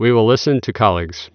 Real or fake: real